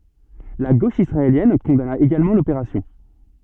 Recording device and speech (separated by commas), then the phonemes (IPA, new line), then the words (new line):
soft in-ear microphone, read sentence
la ɡoʃ isʁaeljɛn kɔ̃dana eɡalmɑ̃ lopeʁasjɔ̃
La gauche israélienne condamna également l'opération.